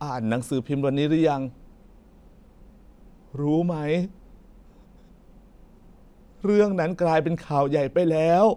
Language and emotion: Thai, sad